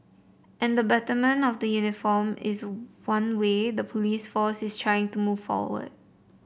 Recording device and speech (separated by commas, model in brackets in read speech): boundary microphone (BM630), read sentence